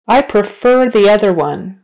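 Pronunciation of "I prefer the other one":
'I prefer the other one' is said slowly, not at natural speed.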